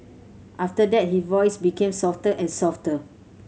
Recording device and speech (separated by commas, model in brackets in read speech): mobile phone (Samsung C7100), read sentence